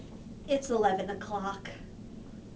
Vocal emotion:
neutral